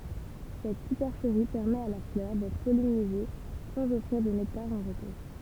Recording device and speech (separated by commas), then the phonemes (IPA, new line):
temple vibration pickup, read sentence
sɛt sypɛʁʃəʁi pɛʁmɛt a la flœʁ dɛtʁ pɔlinize sɑ̃z ɔfʁiʁ də nɛktaʁ ɑ̃ ʁətuʁ